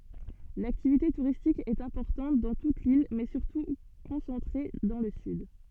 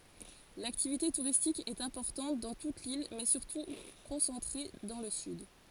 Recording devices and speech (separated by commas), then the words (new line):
soft in-ear microphone, forehead accelerometer, read sentence
L'activité touristique est importante dans toute l'île, mais surtout concentrée dans le sud.